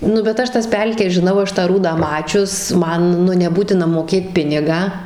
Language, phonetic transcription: Lithuanian, nu bet ˈaš ˈtas ˈpelkes žiˈnau ˈaš tą ˈrūdą ˈmačius ˈman neˈbūtina mokˈėt ˈpinigą

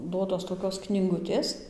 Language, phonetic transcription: Lithuanian, ˈduotos toˈkios knyˈgutės

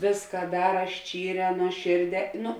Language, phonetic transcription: Lithuanian, ˈvėska ˈdara ˈščyˌrē nuoˈšėrˌdē ˈnu

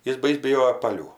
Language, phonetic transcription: Lithuanian, ˈjis ˈbais' biˈjojo paˈlių

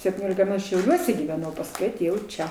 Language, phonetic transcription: Lithuanian, septyˈniolika me šiauˈliuose gyveˈnau pasˈkui aˈtėjau ˈčia

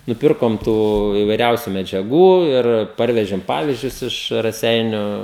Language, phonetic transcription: Lithuanian, nuˈpirkom ˈtų ivaiˈriausiu medžiaˈgų ir ˈparvežėm ˈpavizdžius ˈiš raˈseiniu

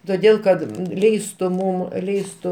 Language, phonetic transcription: Lithuanian, toˈdėl kad ˈleistu ˈmum ˈleistu

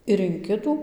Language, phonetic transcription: Lithuanian, ir in ˈkitų

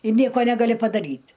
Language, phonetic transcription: Lithuanian, i ˈnieko ˈnegali padaˈryt'

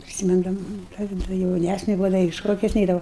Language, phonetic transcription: Lithuanian, prisiˈmindama da jauˈnæsne buˈvau da i ˈšokius ˈneidavau

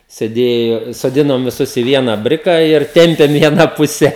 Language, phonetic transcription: Lithuanian, seˈdėjo soˈdinom viˈsus i vieną ˈbriką ir ˈtempėm į aˈną ˈpuse

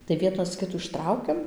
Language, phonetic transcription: Lithuanian, tai ˈvienas ˈkitų išˈtraukiam

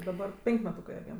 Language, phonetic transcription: Lithuanian, daˈbar ˈpenk' meˈtūkɜ aˈbiem

